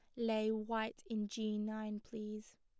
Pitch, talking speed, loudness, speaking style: 215 Hz, 150 wpm, -41 LUFS, plain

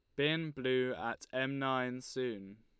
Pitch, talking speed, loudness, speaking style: 130 Hz, 150 wpm, -36 LUFS, Lombard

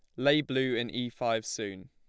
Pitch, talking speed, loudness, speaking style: 120 Hz, 215 wpm, -30 LUFS, plain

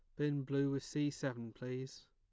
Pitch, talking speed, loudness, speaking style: 135 Hz, 190 wpm, -39 LUFS, plain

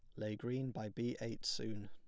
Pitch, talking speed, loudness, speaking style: 110 Hz, 215 wpm, -42 LUFS, plain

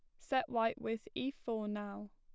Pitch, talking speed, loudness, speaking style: 225 Hz, 185 wpm, -38 LUFS, plain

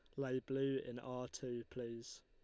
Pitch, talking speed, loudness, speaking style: 125 Hz, 175 wpm, -44 LUFS, Lombard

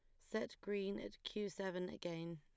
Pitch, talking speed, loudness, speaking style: 185 Hz, 165 wpm, -45 LUFS, plain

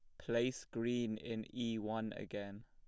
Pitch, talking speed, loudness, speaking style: 115 Hz, 150 wpm, -41 LUFS, plain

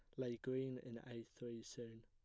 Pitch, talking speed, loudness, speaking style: 120 Hz, 195 wpm, -49 LUFS, plain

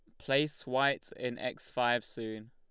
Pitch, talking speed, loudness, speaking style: 125 Hz, 155 wpm, -33 LUFS, Lombard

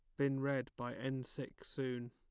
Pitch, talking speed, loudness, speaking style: 135 Hz, 190 wpm, -41 LUFS, plain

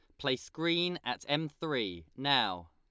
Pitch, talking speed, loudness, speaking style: 140 Hz, 145 wpm, -33 LUFS, Lombard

